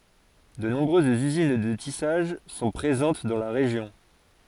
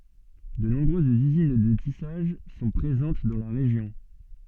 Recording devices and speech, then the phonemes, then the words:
forehead accelerometer, soft in-ear microphone, read sentence
də nɔ̃bʁøzz yzin də tisaʒ sɔ̃ pʁezɑ̃t dɑ̃ la ʁeʒjɔ̃
De nombreuses usines de tissage sont présentes dans la région.

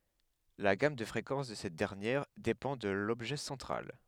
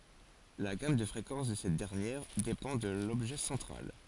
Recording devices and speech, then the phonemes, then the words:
headset microphone, forehead accelerometer, read sentence
la ɡam də fʁekɑ̃s də sɛt dɛʁnjɛʁ depɑ̃ də lɔbʒɛ sɑ̃tʁal
La gamme de fréquences de cette dernière dépend de l'objet central.

